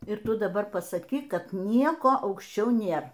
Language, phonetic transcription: Lithuanian, ir ˈtu daˈbar pasaˈkyk ˈkad ˈnieko aukšˈčiau ˈnėr

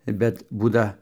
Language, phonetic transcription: Lithuanian, ˈbet ˈbūda

